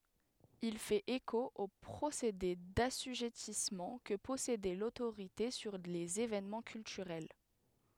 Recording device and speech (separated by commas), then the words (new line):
headset microphone, read sentence
Il fait écho au procédé d'assujettissement que possédait l'autorité sur les événements culturels.